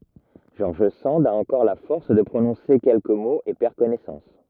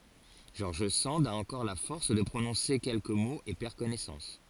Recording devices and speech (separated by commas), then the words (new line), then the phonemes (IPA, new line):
rigid in-ear microphone, forehead accelerometer, read sentence
George Sand a encore la force de prononcer quelques mots et perd connaissance.
ʒɔʁʒ sɑ̃d a ɑ̃kɔʁ la fɔʁs də pʁonɔ̃se kɛlkə moz e pɛʁ kɔnɛsɑ̃s